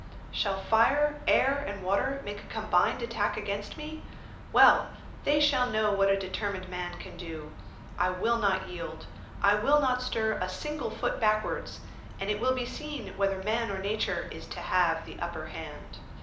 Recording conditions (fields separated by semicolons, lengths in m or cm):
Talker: one person; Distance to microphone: 2.0 m; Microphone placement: close; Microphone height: 99 cm; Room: medium-sized (5.7 m by 4.0 m); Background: none